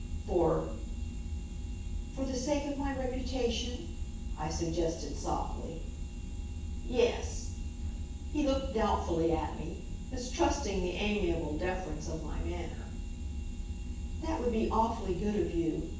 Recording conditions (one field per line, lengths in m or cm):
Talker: one person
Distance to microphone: 9.8 m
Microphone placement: far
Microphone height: 1.8 m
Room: large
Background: none